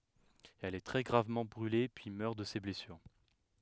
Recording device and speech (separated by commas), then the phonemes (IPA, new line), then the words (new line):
headset microphone, read sentence
ɛl ɛ tʁɛ ɡʁavmɑ̃ bʁyle pyi mœʁ də se blɛsyʁ
Elle est très gravement brûlée puis meurt de ses blessures.